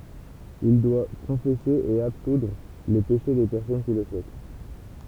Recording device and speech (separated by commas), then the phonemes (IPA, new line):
temple vibration pickup, read sentence
il dwa kɔ̃fɛse e absudʁ le peʃe de pɛʁsɔn ki lə suɛt